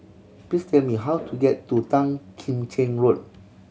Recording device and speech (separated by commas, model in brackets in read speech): mobile phone (Samsung C7100), read sentence